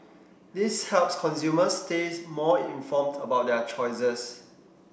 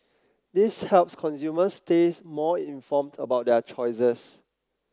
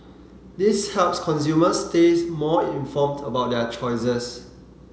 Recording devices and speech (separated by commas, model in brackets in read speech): boundary microphone (BM630), close-talking microphone (WH30), mobile phone (Samsung C7), read sentence